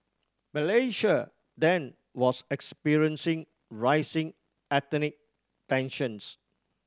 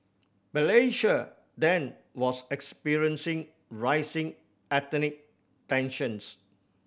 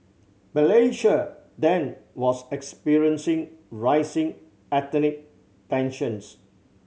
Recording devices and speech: standing microphone (AKG C214), boundary microphone (BM630), mobile phone (Samsung C7100), read sentence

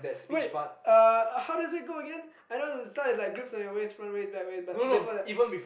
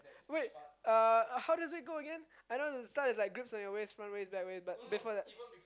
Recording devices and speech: boundary microphone, close-talking microphone, conversation in the same room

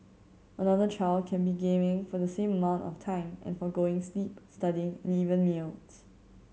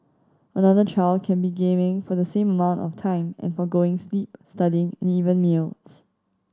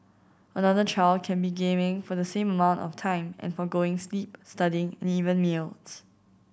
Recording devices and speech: mobile phone (Samsung C7100), standing microphone (AKG C214), boundary microphone (BM630), read sentence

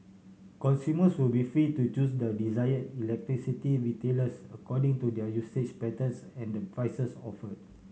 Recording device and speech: mobile phone (Samsung C7100), read sentence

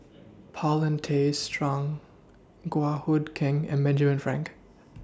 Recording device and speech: standing microphone (AKG C214), read sentence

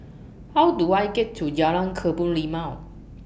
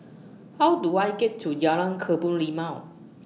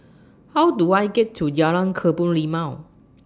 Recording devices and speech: boundary microphone (BM630), mobile phone (iPhone 6), standing microphone (AKG C214), read sentence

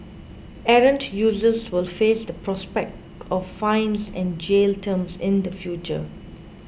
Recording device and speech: boundary microphone (BM630), read sentence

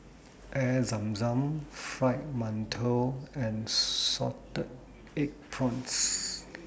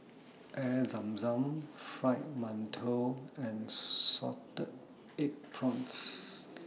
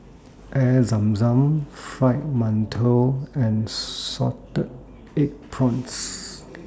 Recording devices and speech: boundary microphone (BM630), mobile phone (iPhone 6), standing microphone (AKG C214), read sentence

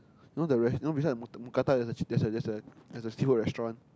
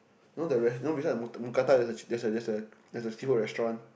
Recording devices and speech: close-talking microphone, boundary microphone, conversation in the same room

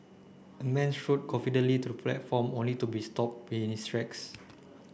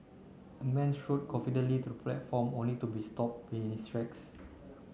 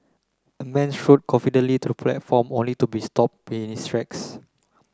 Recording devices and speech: boundary microphone (BM630), mobile phone (Samsung C9), close-talking microphone (WH30), read sentence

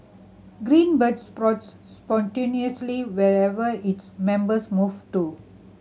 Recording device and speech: mobile phone (Samsung C7100), read sentence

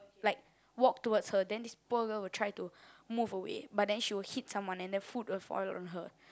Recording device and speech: close-talking microphone, conversation in the same room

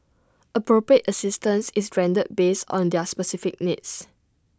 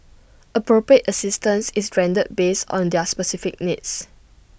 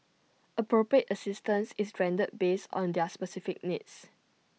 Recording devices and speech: standing microphone (AKG C214), boundary microphone (BM630), mobile phone (iPhone 6), read sentence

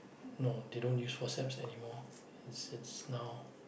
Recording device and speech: boundary microphone, conversation in the same room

